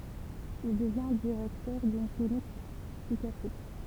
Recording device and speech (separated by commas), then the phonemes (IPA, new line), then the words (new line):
temple vibration pickup, read sentence
il dəvjɛ̃ diʁɛktœʁ dyn klinik psikjatʁik
Il devient directeur d'une clinique psychiatrique.